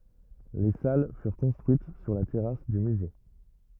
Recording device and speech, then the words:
rigid in-ear microphone, read sentence
Les salles furent construites sur la terrasse du musée.

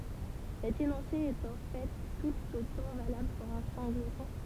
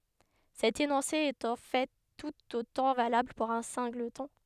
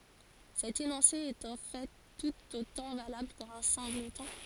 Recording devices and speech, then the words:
temple vibration pickup, headset microphone, forehead accelerometer, read sentence
Cet énoncé est en fait tout autant valable pour un singleton.

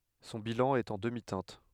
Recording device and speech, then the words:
headset microphone, read sentence
Son bilan est en demi-teinte.

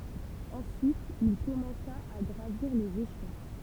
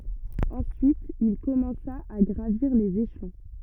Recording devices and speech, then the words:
temple vibration pickup, rigid in-ear microphone, read sentence
Ensuite, il commença à gravir les échelons.

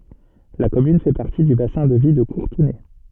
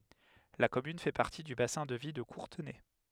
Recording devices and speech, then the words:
soft in-ear microphone, headset microphone, read sentence
La commune fait partie du bassin de vie de Courtenay.

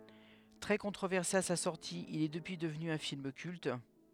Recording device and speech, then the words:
headset microphone, read sentence
Très controversé à sa sortie, il est depuis devenu un film culte.

